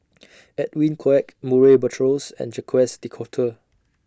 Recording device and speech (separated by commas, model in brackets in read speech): standing microphone (AKG C214), read sentence